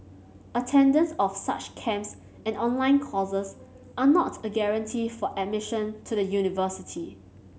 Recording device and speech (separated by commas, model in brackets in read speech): mobile phone (Samsung C7100), read sentence